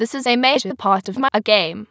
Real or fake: fake